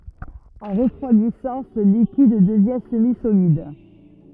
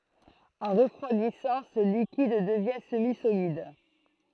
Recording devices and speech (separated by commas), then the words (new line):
rigid in-ear microphone, throat microphone, read sentence
En refroidissant, ce liquide devient semi-solide.